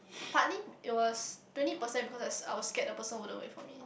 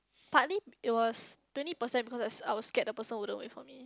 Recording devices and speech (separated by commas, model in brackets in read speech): boundary microphone, close-talking microphone, conversation in the same room